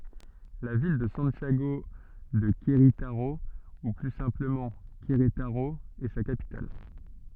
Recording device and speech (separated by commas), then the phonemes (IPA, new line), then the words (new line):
soft in-ear microphone, read sentence
la vil də sɑ̃tjaɡo də kʁetaʁo u ply sɛ̃pləmɑ̃ kʁetaʁo ɛ sa kapital
La ville de Santiago de Querétaro, ou plus simplement Querétaro, est sa capitale.